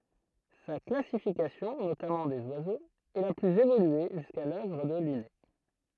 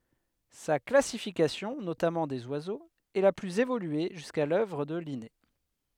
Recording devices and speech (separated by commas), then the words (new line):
throat microphone, headset microphone, read sentence
Sa classification, notamment des oiseaux, est la plus évoluée jusqu'à l'œuvre de Linné.